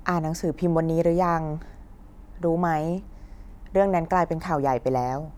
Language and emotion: Thai, neutral